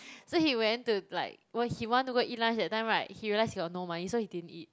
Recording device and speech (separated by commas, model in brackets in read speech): close-talking microphone, conversation in the same room